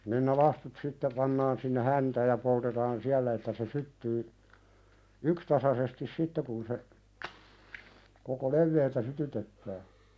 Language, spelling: Finnish, niin ne lastut sitten pannaan sinne häntään ja poltetaan siellä että se syttyy yksitasaisesti sitten kun se koko leveydeltä sytytetään
- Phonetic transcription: nin ne 'lastut sitte pannaan sinne "häntääj ja poltetaan "siällä että se 'syttyy , 'ykstasasestis "sitte kun se , koko "levveeltä 'sytytettää .

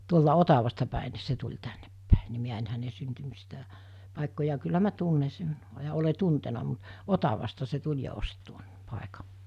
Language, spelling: Finnish, tuolta Otavasta päin niin se tuli tännepäin niin minä en hänen - paikkoja kyllä minä tunne sen ja olen tuntenut mutta Otavasta se tuli ja osti tuon paikan
- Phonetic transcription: tuolta 'Otavasta pä̀e ni̬ se tuĺ tänneppä̀e ni 'miä en häne 'syntymistä- , pàekkoja kyllä mä 'tunne sen , ja ole 'tuntena mut , "Otavasta se 'tuĺ jet ost tuon , 'pàeka .

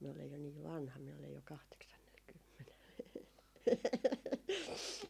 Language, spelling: Finnish, minä olen jo niin vanha minä olen jo kahdeksannellakymmenellä
- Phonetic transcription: miä olej jo niiv 'vanha , miä ole ‿jo 'kahteksannel'kymmenel .

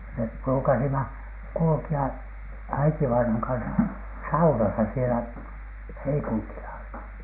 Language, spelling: Finnish, me ruukasimme kulkea äitivainajan kanssa saunassa siellä Heikuntilla
- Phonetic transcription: mep pruukasima , 'kulᵘki₍a , äitivainaŋ kansa , "saunasa sielä , 'Heikuntila .

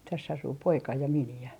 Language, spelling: Finnish, tässä asuu poika ja miniä
- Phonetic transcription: täss ‿asuu 'poika ja 'mini₍ä .

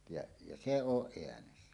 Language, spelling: Finnish, ja ja se on äänessä
- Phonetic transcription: ja , ja "se 'oˀ 'ˀeänessä .

